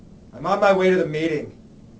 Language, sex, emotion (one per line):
English
male
neutral